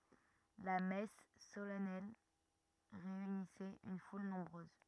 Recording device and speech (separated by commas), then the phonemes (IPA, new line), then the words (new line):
rigid in-ear microphone, read sentence
la mɛs solɛnɛl ʁeynisɛt yn ful nɔ̃bʁøz
La messe solennelle réunissait une foule nombreuse.